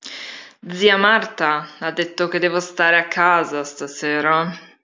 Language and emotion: Italian, disgusted